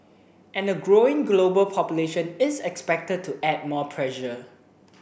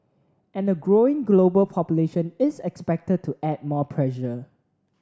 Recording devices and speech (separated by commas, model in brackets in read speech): boundary microphone (BM630), standing microphone (AKG C214), read sentence